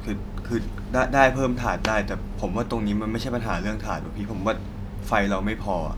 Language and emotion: Thai, frustrated